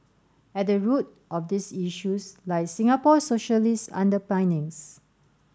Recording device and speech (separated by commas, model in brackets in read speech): standing microphone (AKG C214), read sentence